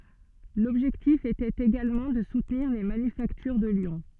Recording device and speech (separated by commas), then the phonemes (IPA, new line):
soft in-ear microphone, read sentence
lɔbʒɛktif etɛt eɡalmɑ̃ də sutniʁ le manyfaktyʁ də ljɔ̃